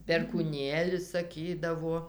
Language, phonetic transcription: Lithuanian, perkūˈnėlis saˈkydavuo

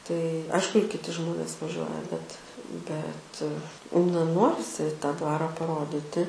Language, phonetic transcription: Lithuanian, tai ˈaišku ir kiˈti ˈžmonės vaˈžiuoja bet bet na ˈnorisi tą ˈdvara paˈrodyti

